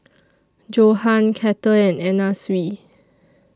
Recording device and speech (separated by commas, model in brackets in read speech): standing microphone (AKG C214), read sentence